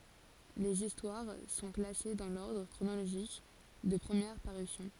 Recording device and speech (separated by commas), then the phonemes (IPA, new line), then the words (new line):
forehead accelerometer, read sentence
lez istwaʁ sɔ̃ klase dɑ̃ lɔʁdʁ kʁonoloʒik də pʁəmjɛʁ paʁysjɔ̃
Les histoires sont classées dans l'ordre chronologique de première parution.